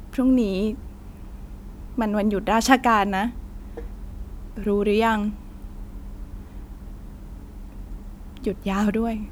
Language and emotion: Thai, sad